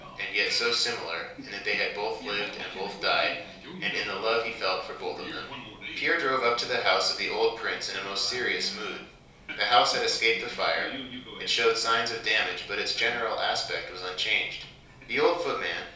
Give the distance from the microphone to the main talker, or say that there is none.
3.0 m.